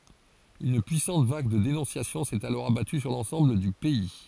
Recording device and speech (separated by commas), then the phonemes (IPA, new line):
forehead accelerometer, read sentence
yn pyisɑ̃t vaɡ də denɔ̃sjasjɔ̃ sɛt alɔʁ abaty syʁ lɑ̃sɑ̃bl dy pɛi